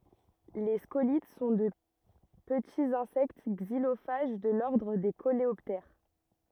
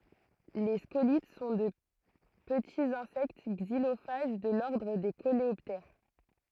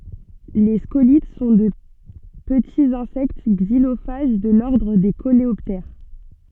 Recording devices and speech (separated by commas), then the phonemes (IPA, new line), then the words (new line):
rigid in-ear microphone, throat microphone, soft in-ear microphone, read sentence
le skolit sɔ̃ də pətiz ɛ̃sɛkt ɡzilofaʒ də lɔʁdʁ de koleɔptɛʁ
Les scolytes sont de petits insectes xylophages de l'ordre des coléoptères.